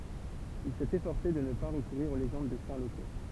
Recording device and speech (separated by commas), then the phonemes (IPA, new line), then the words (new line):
temple vibration pickup, read sentence
il sɛt efɔʁse də nə pa ʁəkuʁiʁ o leʒɑ̃d də sɛ̃ loko
Il s'est efforcé de ne pas recourir aux légendes de saints locaux.